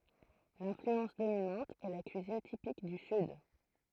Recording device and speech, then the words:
throat microphone, read sentence
L’influence dominante est la cuisine typique du Sud.

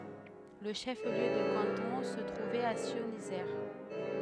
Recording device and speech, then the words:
headset microphone, read sentence
Le chef-lieu de canton se trouvait à Scionzier.

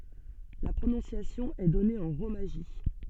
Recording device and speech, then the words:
soft in-ear microphone, read sentence
La prononciation est donnée en romaji.

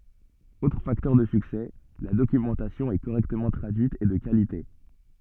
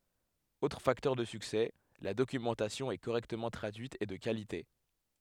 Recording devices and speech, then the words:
soft in-ear microphone, headset microphone, read sentence
Autre facteur de succès, la documentation est correctement traduite et de qualité.

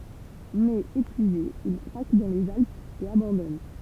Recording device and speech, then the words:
temple vibration pickup, read sentence
Mais épuisé, il craque dans les Alpes et abandonne.

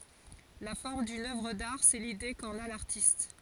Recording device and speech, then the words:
forehead accelerometer, read sentence
La forme d'une œuvre d'art, c'est l'idée qu'en a l'artiste.

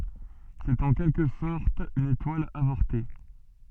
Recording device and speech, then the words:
soft in-ear microphone, read sentence
C'est en quelque sorte une étoile avortée.

